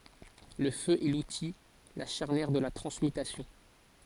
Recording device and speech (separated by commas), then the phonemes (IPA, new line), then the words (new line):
forehead accelerometer, read sentence
lə fø ɛ luti la ʃaʁnjɛʁ də la tʁɑ̃smytasjɔ̃
Le feu est l'outil, la charnière de la transmutation.